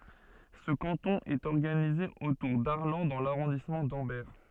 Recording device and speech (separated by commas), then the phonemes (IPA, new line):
soft in-ear microphone, read sentence
sə kɑ̃tɔ̃ ɛt ɔʁɡanize otuʁ daʁlɑ̃ dɑ̃ laʁɔ̃dismɑ̃ dɑ̃bɛʁ